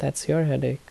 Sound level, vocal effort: 74 dB SPL, soft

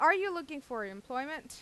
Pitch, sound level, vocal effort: 285 Hz, 93 dB SPL, loud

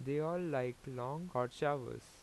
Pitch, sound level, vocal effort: 135 Hz, 86 dB SPL, normal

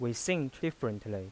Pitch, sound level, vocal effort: 120 Hz, 86 dB SPL, normal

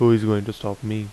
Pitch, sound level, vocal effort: 110 Hz, 83 dB SPL, normal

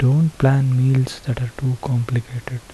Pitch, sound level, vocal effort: 130 Hz, 72 dB SPL, soft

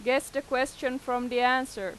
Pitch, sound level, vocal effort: 255 Hz, 93 dB SPL, loud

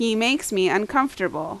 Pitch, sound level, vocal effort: 215 Hz, 87 dB SPL, very loud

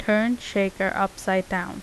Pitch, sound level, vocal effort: 195 Hz, 82 dB SPL, normal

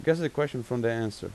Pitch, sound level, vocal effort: 125 Hz, 87 dB SPL, normal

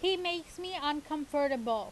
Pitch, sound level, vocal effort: 305 Hz, 93 dB SPL, very loud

